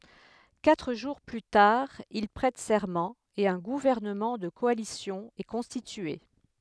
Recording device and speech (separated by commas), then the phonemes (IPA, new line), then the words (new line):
headset microphone, read sentence
katʁ ʒuʁ ply taʁ il pʁɛt sɛʁmɑ̃ e œ̃ ɡuvɛʁnəmɑ̃ də kɔalisjɔ̃ ɛ kɔ̃stitye
Quatre jours plus tard, il prête serment et un gouvernement de coalition est constitué.